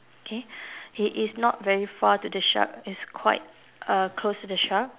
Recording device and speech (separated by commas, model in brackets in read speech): telephone, conversation in separate rooms